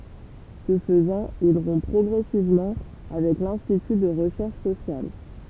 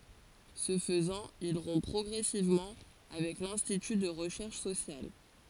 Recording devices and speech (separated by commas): temple vibration pickup, forehead accelerometer, read sentence